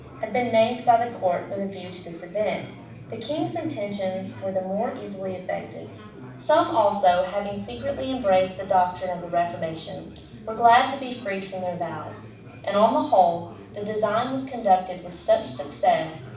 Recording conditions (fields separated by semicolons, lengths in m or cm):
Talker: one person; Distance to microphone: 5.8 m; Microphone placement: far; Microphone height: 1.8 m; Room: medium-sized (5.7 m by 4.0 m); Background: babble